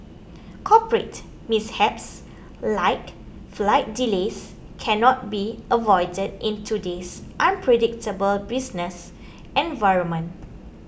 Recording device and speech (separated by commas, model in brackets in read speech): boundary microphone (BM630), read sentence